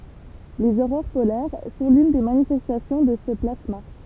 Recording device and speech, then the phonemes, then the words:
temple vibration pickup, read sentence
lez oʁoʁ polɛʁ sɔ̃ lyn de manifɛstasjɔ̃ də sə plasma
Les aurores polaires sont l'une des manifestations de ce plasma.

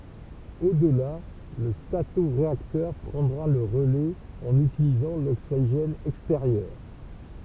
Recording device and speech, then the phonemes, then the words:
temple vibration pickup, read sentence
odla lə statoʁeaktœʁ pʁɑ̃dʁa lə ʁəlɛz ɑ̃n ytilizɑ̃ loksiʒɛn ɛksteʁjœʁ
Au-delà, le statoréacteur prendra le relais en utilisant l'oxygène extérieur.

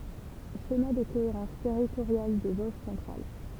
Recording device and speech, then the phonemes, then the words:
temple vibration pickup, read sentence
ʃema də koeʁɑ̃s tɛʁitoʁjal de voʒ sɑ̃tʁal
Schéma de cohérence territoriale des Vosges centrales.

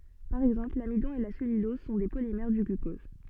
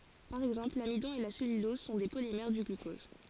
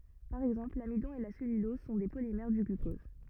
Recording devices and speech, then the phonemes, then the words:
soft in-ear microphone, forehead accelerometer, rigid in-ear microphone, read sentence
paʁ ɛɡzɑ̃pl lamidɔ̃ e la sɛlylɔz sɔ̃ de polimɛʁ dy ɡlykɔz
Par exemple, l'amidon et la cellulose sont des polymères du glucose.

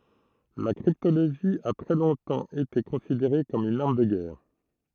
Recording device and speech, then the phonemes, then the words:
throat microphone, read sentence
la kʁiptoloʒi a tʁɛ lɔ̃tɑ̃ ete kɔ̃sideʁe kɔm yn aʁm də ɡɛʁ
La cryptologie a très longtemps été considérée comme une arme de guerre.

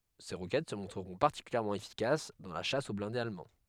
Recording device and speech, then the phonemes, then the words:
headset microphone, read sentence
se ʁokɛt sə mɔ̃tʁəʁɔ̃ paʁtikyljɛʁmɑ̃ efikas dɑ̃ la ʃas o blɛ̃dez almɑ̃
Ces roquettes se montreront particulièrement efficaces dans la chasse aux blindés allemands.

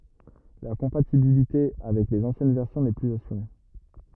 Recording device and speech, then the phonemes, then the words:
rigid in-ear microphone, read sentence
la kɔ̃patibilite avɛk lez ɑ̃sjɛn vɛʁsjɔ̃ nɛ plyz asyʁe
La compatibilité avec les anciennes versions n'est plus assurée.

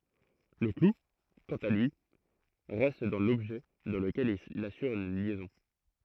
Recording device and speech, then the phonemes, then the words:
throat microphone, read sentence
lə klu kɑ̃t a lyi ʁɛst dɑ̃ lɔbʒɛ dɑ̃ ləkɛl il asyʁ yn ljɛzɔ̃
Le clou, quant à lui, reste dans l'objet dans lequel il assure une liaison.

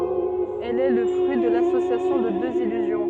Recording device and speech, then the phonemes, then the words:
soft in-ear microphone, read sentence
ɛl ɛ lə fʁyi də lasosjasjɔ̃ də døz ilyzjɔ̃
Elle est le fruit de l'association de deux illusions.

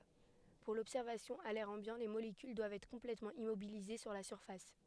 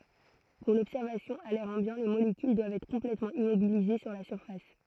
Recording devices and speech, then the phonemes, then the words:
headset microphone, throat microphone, read sentence
puʁ lɔbsɛʁvasjɔ̃ a lɛʁ ɑ̃bjɑ̃ le molekyl dwavt ɛtʁ kɔ̃plɛtmɑ̃ immobilize syʁ la syʁfas
Pour l'observation à l'air ambiant, les molécules doivent être complètement immobilisées sur la surface.

